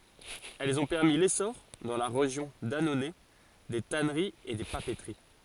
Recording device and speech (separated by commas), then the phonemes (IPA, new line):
forehead accelerometer, read sentence
ɛlz ɔ̃ pɛʁmi lesɔʁ dɑ̃ la ʁeʒjɔ̃ danonɛ de tanəʁiz e de papətəʁi